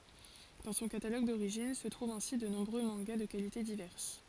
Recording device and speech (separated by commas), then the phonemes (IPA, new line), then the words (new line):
forehead accelerometer, read sentence
dɑ̃ sɔ̃ kataloɡ doʁiʒin sə tʁuvt ɛ̃si də nɔ̃bʁø mɑ̃ɡa də kalite divɛʁs
Dans son catalogue d'origine se trouvent ainsi de nombreux mangas de qualités diverses.